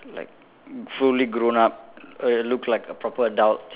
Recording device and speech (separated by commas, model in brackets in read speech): telephone, conversation in separate rooms